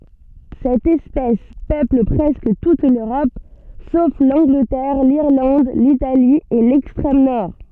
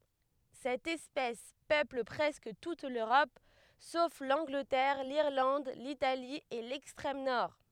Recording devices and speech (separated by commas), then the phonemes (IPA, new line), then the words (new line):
soft in-ear microphone, headset microphone, read sentence
sɛt ɛspɛs pøpl pʁɛskə tut løʁɔp sof lɑ̃ɡlətɛʁ liʁlɑ̃d litali e lɛkstʁɛm nɔʁ
Cette espèce peuple presque toute l'Europe, sauf l'Angleterre, l'Irlande, l'Italie et l'extrême Nord.